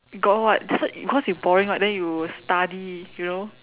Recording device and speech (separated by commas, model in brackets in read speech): telephone, conversation in separate rooms